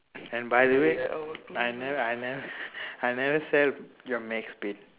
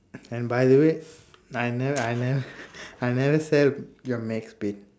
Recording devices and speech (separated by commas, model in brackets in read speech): telephone, standing microphone, conversation in separate rooms